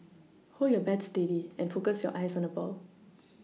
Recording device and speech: mobile phone (iPhone 6), read sentence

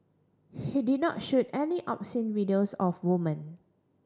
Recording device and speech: standing microphone (AKG C214), read sentence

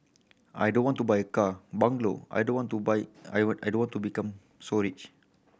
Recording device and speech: boundary microphone (BM630), read sentence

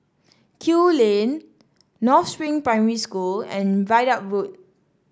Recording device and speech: standing microphone (AKG C214), read sentence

